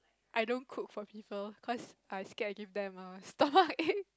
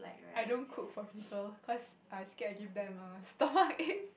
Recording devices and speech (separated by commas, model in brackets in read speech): close-talking microphone, boundary microphone, conversation in the same room